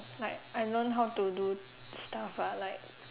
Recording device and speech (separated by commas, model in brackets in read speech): telephone, conversation in separate rooms